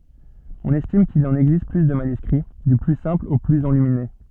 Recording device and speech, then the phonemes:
soft in-ear microphone, read sentence
ɔ̃n ɛstim kil ɑ̃n ɛɡzist ply də manyskʁi dy ply sɛ̃pl o plyz ɑ̃lymine

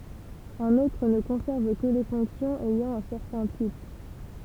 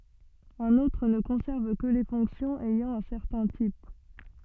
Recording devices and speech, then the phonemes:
temple vibration pickup, soft in-ear microphone, read sentence
œ̃n otʁ nə kɔ̃sɛʁv kə le fɔ̃ksjɔ̃z ɛjɑ̃ œ̃ sɛʁtɛ̃ tip

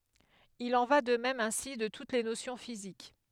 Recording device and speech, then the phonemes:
headset microphone, read sentence
il ɑ̃ va də mɛm ɛ̃si də tut le nosjɔ̃ fizik

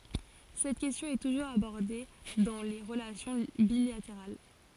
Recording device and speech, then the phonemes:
forehead accelerometer, read sentence
sɛt kɛstjɔ̃ ɛ tuʒuʁz abɔʁde dɑ̃ le ʁəlasjɔ̃ bilateʁal

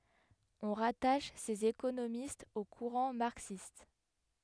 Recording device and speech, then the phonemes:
headset microphone, read sentence
ɔ̃ ʁataʃ sez ekonomistz o kuʁɑ̃ maʁksist

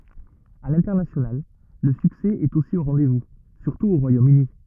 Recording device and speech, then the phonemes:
rigid in-ear microphone, read sentence
a lɛ̃tɛʁnasjonal lə syksɛ ɛt osi o ʁɑ̃dɛzvu syʁtu o ʁwajomøni

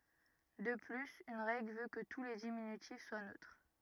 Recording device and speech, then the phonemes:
rigid in-ear microphone, read sentence
də plyz yn ʁɛɡl vø kə tu le diminytif swa nøtʁ

